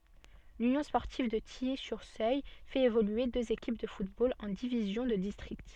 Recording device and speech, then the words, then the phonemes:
soft in-ear microphone, read sentence
L'Union sportive de Tilly-sur-Seulles fait évoluer deux équipes de football en divisions de district.
lynjɔ̃ spɔʁtiv də tiji syʁ søl fɛt evolye døz ekip də futbol ɑ̃ divizjɔ̃ də distʁikt

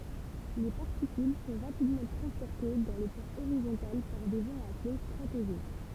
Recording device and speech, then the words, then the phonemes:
temple vibration pickup, read sentence
Les particules sont rapidement transportées dans le plan horizontal par des vents appelés stratojets.
le paʁtikyl sɔ̃ ʁapidmɑ̃ tʁɑ̃spɔʁte dɑ̃ lə plɑ̃ oʁizɔ̃tal paʁ de vɑ̃z aple stʁatoʒɛ

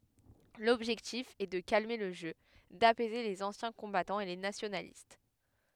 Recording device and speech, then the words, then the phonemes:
headset microphone, read sentence
L’objectif est de calmer le jeu, d’apaiser les anciens combattants et les nationalistes.
lɔbʒɛktif ɛ də kalme lə ʒø dapɛze lez ɑ̃sjɛ̃ kɔ̃batɑ̃z e le nasjonalist

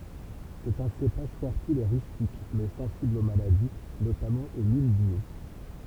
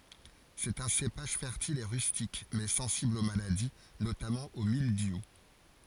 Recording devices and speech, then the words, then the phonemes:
temple vibration pickup, forehead accelerometer, read sentence
C'est un cépage fertile et rustique, mais sensible aux maladies, notamment au mildiou.
sɛt œ̃ sepaʒ fɛʁtil e ʁystik mɛ sɑ̃sibl o maladi notamɑ̃ o mildju

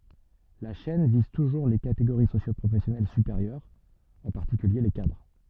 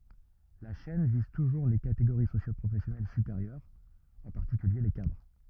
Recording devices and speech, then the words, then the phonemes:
soft in-ear microphone, rigid in-ear microphone, read sentence
La chaîne vise toujours les catégories socio-professionnelles supérieures, en particulier les cadres.
la ʃɛn viz tuʒuʁ le kateɡoʁi sosjopʁofɛsjɔnɛl sypeʁjœʁz ɑ̃ paʁtikylje le kadʁ

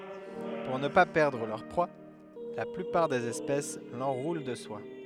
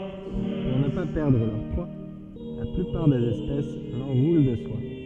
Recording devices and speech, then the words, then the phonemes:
headset microphone, soft in-ear microphone, read sentence
Pour ne pas perdre leur proies, la plupart des espèces l'enroulent de soie.
puʁ nə pa pɛʁdʁ lœʁ pʁwa la plypaʁ dez ɛspɛs lɑ̃ʁulɑ̃ də swa

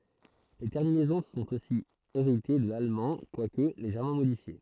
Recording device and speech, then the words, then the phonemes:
throat microphone, read sentence
Les terminaisons sont aussi héritées de l'allemand, quoique légèrement modifiées.
le tɛʁminɛzɔ̃ sɔ̃t osi eʁite də lalmɑ̃ kwak leʒɛʁmɑ̃ modifje

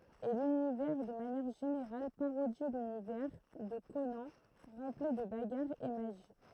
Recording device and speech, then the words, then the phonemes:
throat microphone, read sentence
Et l'univers de manière générale parodie l'univers de Conan rempli de bagarres et magie.
e lynivɛʁ də manjɛʁ ʒeneʁal paʁodi lynivɛʁ də konɑ̃ ʁɑ̃pli də baɡaʁz e maʒi

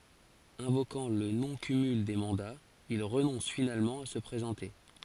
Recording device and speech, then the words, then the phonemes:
forehead accelerometer, read sentence
Invoquant le non-cumul des mandats, il renonce finalement à se présenter.
ɛ̃vokɑ̃ lə nɔ̃ kymyl de mɑ̃daz il ʁənɔ̃s finalmɑ̃ a sə pʁezɑ̃te

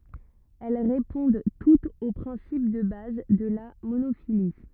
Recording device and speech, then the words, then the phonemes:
rigid in-ear microphone, read sentence
Elles répondent toutes au principe de base de la monophylie.
ɛl ʁepɔ̃d tutz o pʁɛ̃sip də baz də la monofili

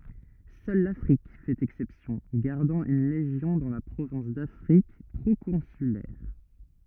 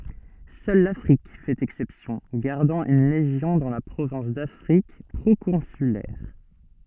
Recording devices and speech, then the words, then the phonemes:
rigid in-ear microphone, soft in-ear microphone, read sentence
Seule l'Afrique fait exception, gardant une légion dans la province d'Afrique proconsulaire.
sœl lafʁik fɛt ɛksɛpsjɔ̃ ɡaʁdɑ̃ yn leʒjɔ̃ dɑ̃ la pʁovɛ̃s dafʁik pʁokɔ̃sylɛʁ

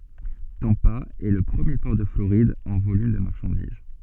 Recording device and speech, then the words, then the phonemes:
soft in-ear microphone, read sentence
Tampa est le premier port de Floride en volume de marchandises.
tɑ̃pa ɛ lə pʁəmje pɔʁ də floʁid ɑ̃ volym də maʁʃɑ̃diz

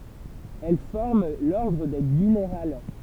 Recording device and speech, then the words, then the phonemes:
temple vibration pickup, read sentence
Elles forment l'ordre des Gunnerales.
ɛl fɔʁm lɔʁdʁ de ɡynʁal

